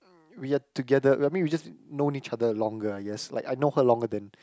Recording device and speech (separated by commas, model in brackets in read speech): close-talking microphone, conversation in the same room